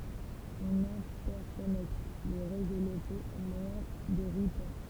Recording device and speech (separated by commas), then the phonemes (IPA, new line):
temple vibration pickup, read sentence
ɔ̃n ɛ̃tɛʁkɔnɛkt le ʁezo lokoz o mwajɛ̃ də ʁutœʁ